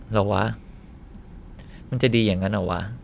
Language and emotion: Thai, frustrated